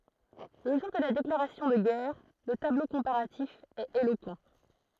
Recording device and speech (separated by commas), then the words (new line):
throat microphone, read sentence
Le jour de la déclaration de guerre, le tableau comparatif est éloquent.